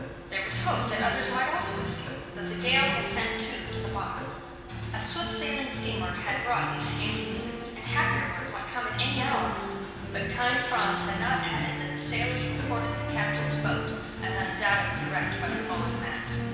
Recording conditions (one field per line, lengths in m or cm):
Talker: one person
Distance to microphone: 1.7 m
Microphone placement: close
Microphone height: 1.0 m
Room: very reverberant, large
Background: music